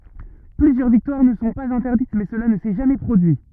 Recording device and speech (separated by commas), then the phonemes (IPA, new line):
rigid in-ear microphone, read sentence
plyzjœʁ viktwaʁ nə sɔ̃ paz ɛ̃tɛʁdit mɛ səla nə sɛ ʒamɛ pʁodyi